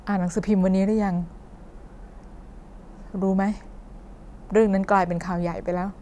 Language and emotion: Thai, sad